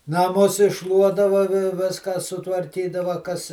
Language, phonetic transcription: Lithuanian, naˈmus išˈšluodava vi ˈviską sutvarˈkydava kas

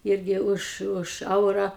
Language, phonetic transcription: Lithuanian, ˈirgi už ˈuž ˈeura

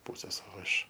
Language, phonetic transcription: Lithuanian, ˈpūsės o ˈiš

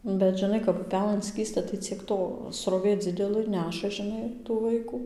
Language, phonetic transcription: Lithuanian, bet žiˈnai kap uˈpelɘn ˈskįsta tai ciek ˈto sroˈvė ˈdzidelɘ ˈneša žiˈnai tų ˈvaikų

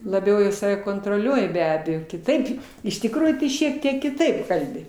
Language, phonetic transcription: Lithuanian, laˈbiau i ˈsave kontroˈliuoji be ˈabejo kiˈtaip iš tikˈrųjų tai šiek ˈtiek kiˈtaip ˈkalbi

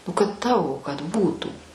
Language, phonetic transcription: Lithuanian, ˈnu kad ˈtavo kad ˈbūtų

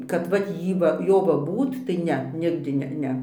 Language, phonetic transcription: Lithuanian, kad ˈvat ˈjy va ˈjo va ˈbūt tai ˈne ˈnigdi ˈne ˈne

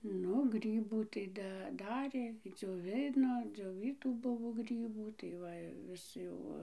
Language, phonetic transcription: Lithuanian, ˈnu ˈgrybų tai ˈda ˈdarė dzioˈvino dzioˈvytų ˈbuvo ˈgrybų tai ˈva i ˈvis jau ˈva

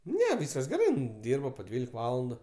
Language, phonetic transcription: Lithuanian, ˈne ˈvyskas geˈrai in ˈdyrba po ˈdvylik ˈvalandu

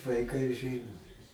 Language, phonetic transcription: Lithuanian, vaiˈkai ˈžino

